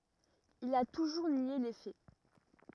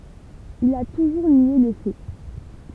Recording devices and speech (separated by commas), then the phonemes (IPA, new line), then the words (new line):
rigid in-ear microphone, temple vibration pickup, read sentence
il a tuʒuʁ nje le fɛ
Il a toujours nié les faits.